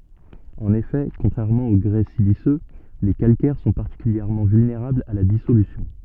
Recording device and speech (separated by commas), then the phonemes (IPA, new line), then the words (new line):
soft in-ear microphone, read sentence
ɑ̃n efɛ kɔ̃tʁɛʁmɑ̃ o ɡʁɛ silisø le kalkɛʁ sɔ̃ paʁtikyljɛʁmɑ̃ vylneʁablz a la disolysjɔ̃
En effet, contrairement au grès siliceux, les calcaires sont particulièrement vulnérables à la dissolution.